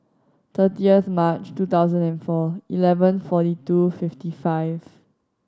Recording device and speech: standing microphone (AKG C214), read sentence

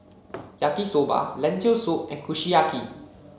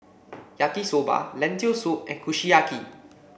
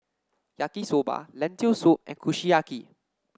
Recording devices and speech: mobile phone (Samsung C7), boundary microphone (BM630), standing microphone (AKG C214), read sentence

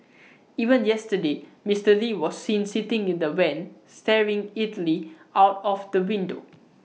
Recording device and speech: mobile phone (iPhone 6), read sentence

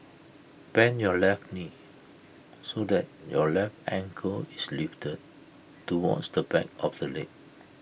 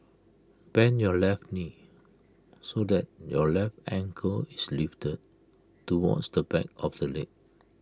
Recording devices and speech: boundary microphone (BM630), close-talking microphone (WH20), read sentence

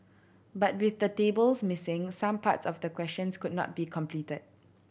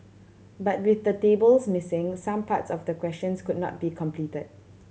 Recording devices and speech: boundary microphone (BM630), mobile phone (Samsung C7100), read sentence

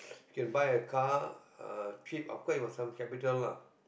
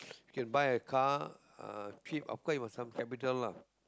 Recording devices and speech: boundary microphone, close-talking microphone, conversation in the same room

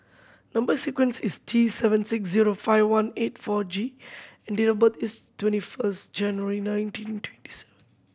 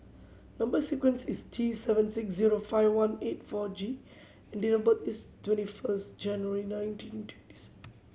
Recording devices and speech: boundary microphone (BM630), mobile phone (Samsung C7100), read sentence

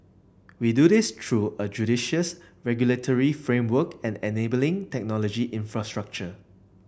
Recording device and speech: boundary microphone (BM630), read sentence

